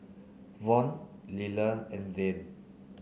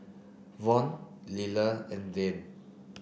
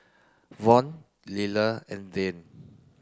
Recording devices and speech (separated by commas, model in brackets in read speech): mobile phone (Samsung C9), boundary microphone (BM630), close-talking microphone (WH30), read sentence